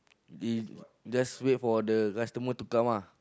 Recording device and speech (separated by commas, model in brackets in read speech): close-talking microphone, conversation in the same room